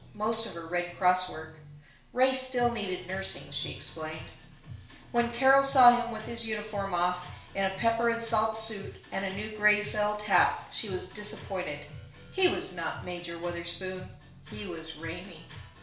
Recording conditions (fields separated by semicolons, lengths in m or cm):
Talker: one person; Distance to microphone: 1.0 m; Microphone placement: close; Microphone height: 1.1 m; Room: small (3.7 m by 2.7 m); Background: music